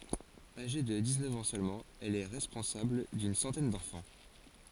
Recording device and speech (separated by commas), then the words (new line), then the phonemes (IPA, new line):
forehead accelerometer, read sentence
Âgée de dix-neuf ans seulement, elle est responsable d’une centaine d’enfants.
aʒe də diksnœf ɑ̃ sølmɑ̃ ɛl ɛ ʁɛspɔ̃sabl dyn sɑ̃tɛn dɑ̃fɑ̃